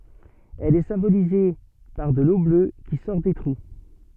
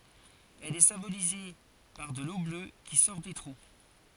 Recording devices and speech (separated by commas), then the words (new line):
soft in-ear microphone, forehead accelerometer, read sentence
Elle est symbolisée par de l'eau bleue qui sort des trous.